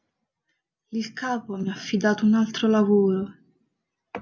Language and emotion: Italian, sad